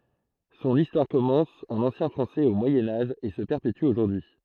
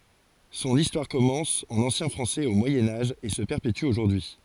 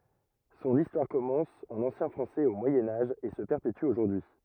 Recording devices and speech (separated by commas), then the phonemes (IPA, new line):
throat microphone, forehead accelerometer, rigid in-ear microphone, read sentence
sɔ̃n istwaʁ kɔmɑ̃s ɑ̃n ɑ̃sjɛ̃ fʁɑ̃sɛz o mwajɛ̃ aʒ e sə pɛʁpety oʒuʁdyi y